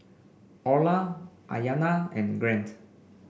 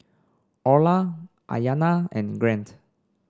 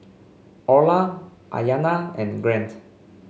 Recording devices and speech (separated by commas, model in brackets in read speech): boundary microphone (BM630), standing microphone (AKG C214), mobile phone (Samsung C5), read sentence